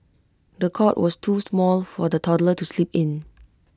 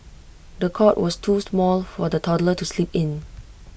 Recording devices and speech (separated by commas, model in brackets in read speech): close-talking microphone (WH20), boundary microphone (BM630), read sentence